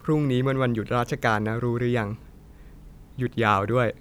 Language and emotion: Thai, neutral